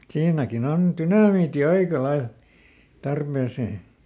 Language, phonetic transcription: Finnish, siinäkiˈn ‿on "tynamiiti ˈaika ˈlail , ˈtarpèsee .
- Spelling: siinäkin on dynamiitti aika lailla tarpeeseen

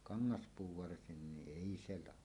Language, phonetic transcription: Finnish, kaŋŋaspuu varsinniˀ "ˀèi 'se 'laho .
- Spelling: kangaspuu varsinkin ei se lahoa

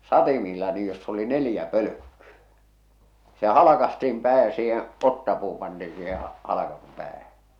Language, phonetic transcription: Finnish, 'satimiilla niij joss ‿oli 'nelⁱjä pölᵒ̈kkyᴀ̈ , se 'halakastiim pää ja siiheḛ , "ottapuu pantii siiheḛ , 'halakasum 'päähä .
- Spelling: satimilla niin jossa oli neljä pölkkyä se halkaistiin pää ja siihen otsapuu pantiin siihen halkaistun päähän

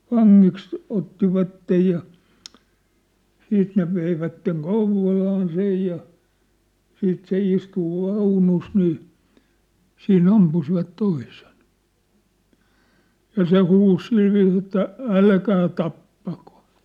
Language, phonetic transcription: Finnish, vaŋŋiks , 'ottivattej ja , 'siit ne veivätteŋ "Kouv̆volaan sej ja , 'siit se 'istu "vaunus nii , 'sii"n ‿ampusivat 'toisen , 'ja "se "huus "silviis ‿että , » "älkää 'tappako ! «
- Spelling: vangiksi ottivat ja sitten ne veivät Kouvolaan sen ja sitten se istui vaunussa niin siinä ampuivat toisen ja se huusi sillä viisiin että älkää tappako

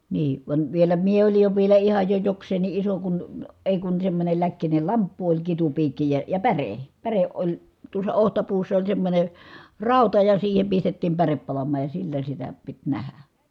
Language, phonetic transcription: Finnish, nii , vań , vielä mie olij jo vielä ihaj jo joks̀een̆ni ʼiso kun , èi kun semmońel läkkinel lamppu oĺ kitupiikki ja , ja päre , päreʼ ʼoĺ , tuos̀a ohtapuussa oĺ semmońe , ràuta ja siihem pistettiim pärep palam̀aaj ja sillä sitä , pit nähä .
- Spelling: niin vaan vielä minä olin jo vielä ihan jo jokseenkin iso kun ei kun semmoinen läkkinen lamppu oli kitupiikki ja ja päre päre oli tuossa otsapuussa oli semmoinen rauta ja siihen pistettiin päre palamaan ja sillä sitä piti nähdä

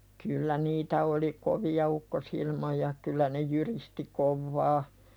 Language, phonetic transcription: Finnish, kyllä "niitä oli 'kovi₍a ukkosilmoja , kyl̆lä ne "jyristi 'kovvaa ,.
- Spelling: kyllä niitä oli kovia ukkosilmoja kyllä ne jyristi kovaa

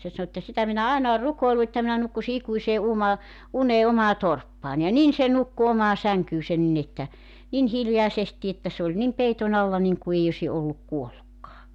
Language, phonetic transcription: Finnish, se 'sanᵒ ᵉttä » 'sitä minä 'àena or 'rukoilu että minä 'nukkusi 'ikuisee 'uma- , 'unee 'omaa "torppaań « ja "nin se "nukku 'omaa 'säŋkyysen nin ‿että , 'nin "hiljaesesti että se ‿oĺ 'nim "peiton ‿alla 'niŋku èi ośi olluk 'kuollukkaa .
- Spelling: se sanoi että sitä minä aina olen rukoillut että minä nukkuisin ikuiseen - uneen omaan torppaan ja niin se nukkui omaan sänkyynsä niin että niin hiljaisesti että se oli niin peiton alla niin kuin ei olisi ollut kuollutkaan

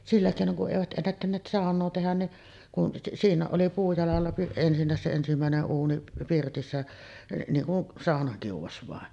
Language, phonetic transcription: Finnish, 'sillä kèinoŋ ku’ ’èivät ’ennättänneet "sàon̆noo 'tehän ni’ , 'siiǹääˀ ˀoli 'puujalalla ensinnä̀es se 'ensimä̀ene’ '’uuni "pirtissä , niiŋ kun 'sàonakiuvas vàen .
- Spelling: sillä keinoin kun eivät ennättäneet saunaa tehdä niin siinä oli puujalalla ensinnäkin se ensimmäinen uuni pirtissä niin kuin saunakiuas vain

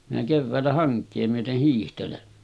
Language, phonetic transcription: Finnish, minä 'kevväällä 'haŋk̆kee myöteh hiihtelen .
- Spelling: minä keväällä hankea myöten hiihtelen

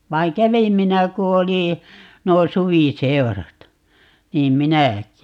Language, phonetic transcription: Finnish, 'vai̮ŋ "kävim 'minä 'ku oli , 'nuo "suvi'seu̬rat , 'niim "minä̀k̀i .
- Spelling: vaan kävin minä kun oli nuo suviseurat niin minäkin

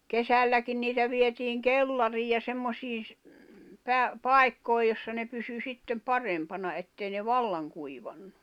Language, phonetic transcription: Finnish, 'kesälläkin 'niitä vietiiŋ "kellariij ja 'semmosiin̬ ‿s- , pä- , "pài̬kkòi̬ 'jossa ne pysy 'sittem "parempana ettei ne "vallaŋ kuivannu .
- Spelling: kesälläkin niitä vietiin kellariin ja semmoisiin - - paikkoihin jossa ne pysyi sitten parempana että ei ne vallan kuivanut

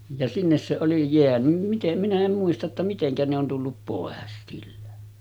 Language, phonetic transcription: Finnish, ja 'sinnes se oli jeänym 'mitem minä 'em muista ‿tta 'mitene ‿on tullup pòes sillä .
- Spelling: ja sinne se oli jäänyt miten minä en muista jotta miten ne on tullut pois sillä

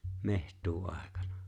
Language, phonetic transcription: Finnish, meh̀t̀uu₍'àekana .
- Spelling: metsuuaikana

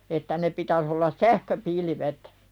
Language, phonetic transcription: Finnish, että ne pitäs ollas "sähköpilvet .
- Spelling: että ne pitäisi olla sähköpilvet

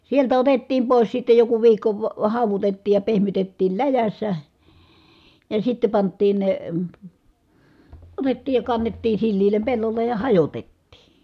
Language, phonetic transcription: Finnish, sieltä otettiim pòis sitte joku viikko , va- hàuvutettiij ja pehmytettiil läjässä , ja sitte pant̆tiin ne , otettiij ja kannettii silliilem pellollej ja hajotettii .
- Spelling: sieltä otettiin pois sitten joku viikko - haudutettiin ja pehmitettiin läjässä ja sitten pantiin ne otettiin ja kannettiin sileälle pellolle ja hajotettiin

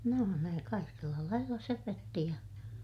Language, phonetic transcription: Finnish, nò ne , kaikella lailla söpötti ja ,.
- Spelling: no ne kaikella lailla söpötti ja

